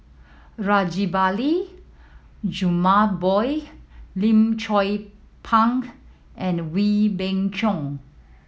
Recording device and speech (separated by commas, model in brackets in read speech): mobile phone (iPhone 7), read sentence